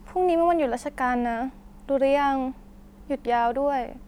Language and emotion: Thai, sad